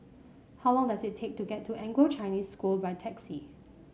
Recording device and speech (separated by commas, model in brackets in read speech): mobile phone (Samsung C5), read sentence